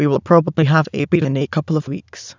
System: TTS, waveform concatenation